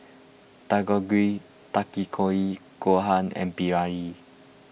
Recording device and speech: boundary microphone (BM630), read sentence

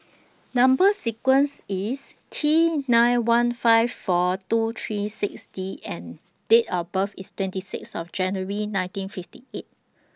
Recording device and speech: standing microphone (AKG C214), read sentence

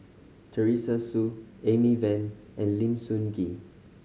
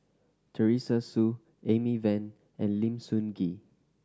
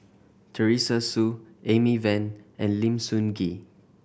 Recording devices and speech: mobile phone (Samsung C5010), standing microphone (AKG C214), boundary microphone (BM630), read sentence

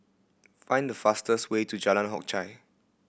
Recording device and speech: boundary microphone (BM630), read sentence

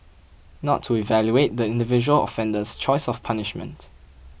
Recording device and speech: boundary microphone (BM630), read sentence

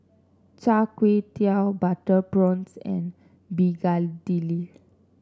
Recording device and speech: standing microphone (AKG C214), read sentence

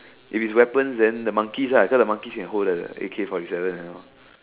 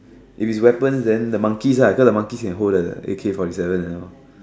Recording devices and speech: telephone, standing microphone, conversation in separate rooms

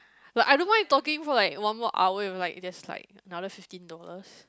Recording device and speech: close-talking microphone, conversation in the same room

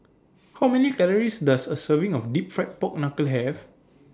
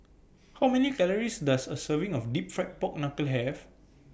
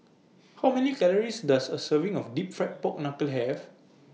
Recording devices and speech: standing microphone (AKG C214), boundary microphone (BM630), mobile phone (iPhone 6), read sentence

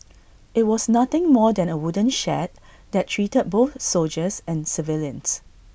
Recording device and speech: boundary microphone (BM630), read sentence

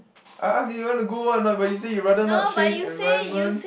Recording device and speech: boundary microphone, conversation in the same room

